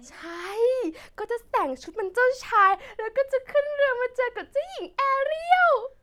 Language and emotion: Thai, happy